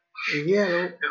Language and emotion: Thai, frustrated